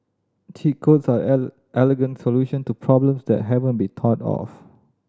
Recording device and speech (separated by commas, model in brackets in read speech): standing microphone (AKG C214), read sentence